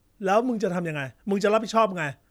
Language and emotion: Thai, angry